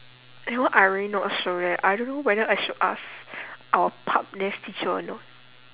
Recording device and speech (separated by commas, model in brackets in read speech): telephone, conversation in separate rooms